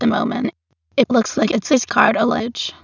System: TTS, waveform concatenation